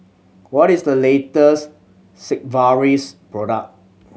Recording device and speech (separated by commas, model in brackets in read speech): mobile phone (Samsung C7100), read sentence